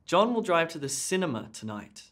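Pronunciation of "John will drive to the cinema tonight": The emphasis in 'John will drive to the cinema tonight' is on the word 'cinema', and it is very slight.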